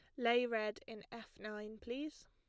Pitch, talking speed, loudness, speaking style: 230 Hz, 170 wpm, -41 LUFS, plain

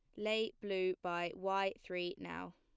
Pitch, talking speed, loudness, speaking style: 195 Hz, 150 wpm, -39 LUFS, plain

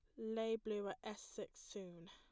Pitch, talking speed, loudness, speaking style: 210 Hz, 190 wpm, -46 LUFS, plain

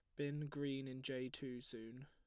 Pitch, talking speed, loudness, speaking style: 135 Hz, 195 wpm, -47 LUFS, plain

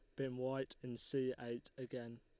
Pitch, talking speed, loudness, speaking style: 130 Hz, 180 wpm, -44 LUFS, Lombard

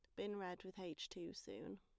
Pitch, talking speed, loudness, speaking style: 180 Hz, 225 wpm, -50 LUFS, plain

